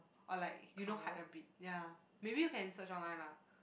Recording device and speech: boundary microphone, conversation in the same room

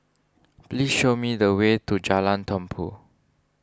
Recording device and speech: standing microphone (AKG C214), read sentence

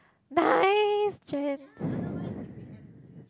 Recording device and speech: close-talking microphone, conversation in the same room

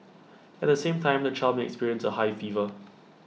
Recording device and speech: mobile phone (iPhone 6), read sentence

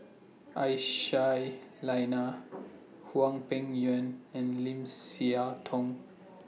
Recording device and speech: mobile phone (iPhone 6), read sentence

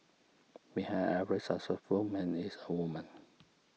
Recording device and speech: mobile phone (iPhone 6), read sentence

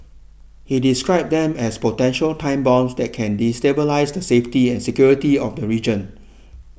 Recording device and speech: boundary microphone (BM630), read sentence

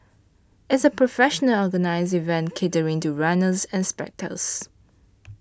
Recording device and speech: standing microphone (AKG C214), read sentence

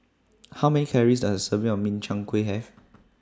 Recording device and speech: standing microphone (AKG C214), read sentence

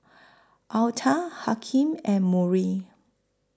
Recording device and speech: close-talking microphone (WH20), read sentence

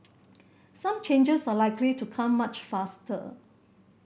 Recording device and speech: boundary microphone (BM630), read sentence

